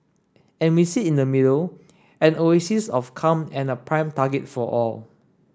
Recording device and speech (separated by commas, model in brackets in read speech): standing microphone (AKG C214), read sentence